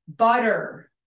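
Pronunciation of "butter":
In 'butter', the t in the middle is said as a D sound, the North American English way.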